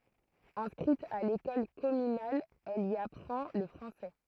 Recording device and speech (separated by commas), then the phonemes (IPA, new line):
throat microphone, read sentence
ɛ̃skʁit a lekɔl kɔmynal ɛl i apʁɑ̃ lə fʁɑ̃sɛ